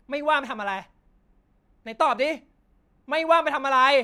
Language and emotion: Thai, angry